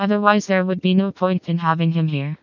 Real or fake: fake